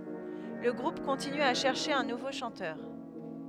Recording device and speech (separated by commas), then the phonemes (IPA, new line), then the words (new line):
headset microphone, read sentence
lə ɡʁup kɔ̃tiny a ʃɛʁʃe œ̃ nuvo ʃɑ̃tœʁ
Le groupe continue à chercher un nouveau chanteur.